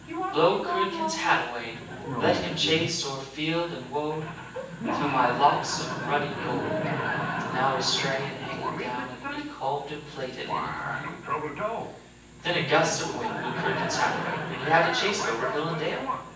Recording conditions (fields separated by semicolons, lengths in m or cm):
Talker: one person; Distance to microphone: 9.8 m; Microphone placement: far; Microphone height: 1.8 m; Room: large; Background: television